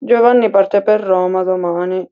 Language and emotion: Italian, sad